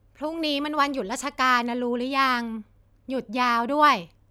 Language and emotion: Thai, neutral